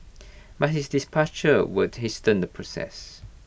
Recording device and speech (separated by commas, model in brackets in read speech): boundary microphone (BM630), read sentence